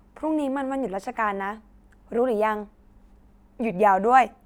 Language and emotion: Thai, happy